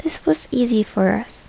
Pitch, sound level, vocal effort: 215 Hz, 74 dB SPL, soft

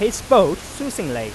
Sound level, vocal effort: 96 dB SPL, loud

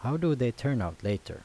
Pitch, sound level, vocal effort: 120 Hz, 82 dB SPL, normal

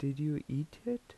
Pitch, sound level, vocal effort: 150 Hz, 79 dB SPL, soft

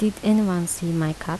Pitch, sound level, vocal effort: 175 Hz, 78 dB SPL, soft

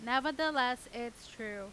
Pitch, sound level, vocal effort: 250 Hz, 93 dB SPL, very loud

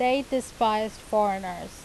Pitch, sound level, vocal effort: 215 Hz, 87 dB SPL, loud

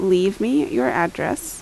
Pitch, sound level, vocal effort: 255 Hz, 80 dB SPL, normal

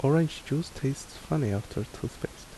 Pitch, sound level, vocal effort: 135 Hz, 72 dB SPL, soft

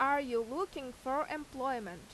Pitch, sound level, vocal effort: 265 Hz, 90 dB SPL, very loud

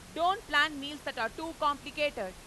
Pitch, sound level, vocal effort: 290 Hz, 101 dB SPL, very loud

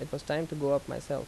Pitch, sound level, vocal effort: 145 Hz, 83 dB SPL, normal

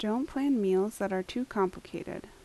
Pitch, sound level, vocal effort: 210 Hz, 78 dB SPL, soft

